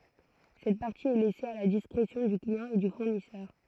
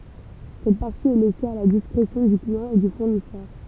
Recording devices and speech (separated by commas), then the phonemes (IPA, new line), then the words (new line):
throat microphone, temple vibration pickup, read sentence
sɛt paʁti ɛ lɛse a la diskʁesjɔ̃ dy kliɑ̃ e dy fuʁnisœʁ
Cette partie est laissée à la discrétion du client et du fournisseur.